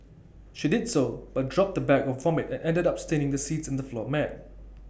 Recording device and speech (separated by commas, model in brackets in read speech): boundary microphone (BM630), read sentence